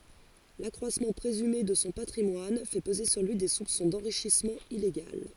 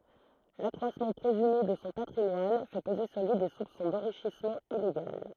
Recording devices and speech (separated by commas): forehead accelerometer, throat microphone, read sentence